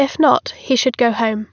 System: none